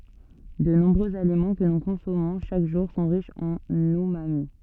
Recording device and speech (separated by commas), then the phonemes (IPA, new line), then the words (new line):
soft in-ear microphone, read sentence
də nɔ̃bʁøz alimɑ̃ kə nu kɔ̃sɔmɔ̃ ʃak ʒuʁ sɔ̃ ʁiʃz ɑ̃n ymami
De nombreux aliments que nous consommons chaque jour sont riches en umami.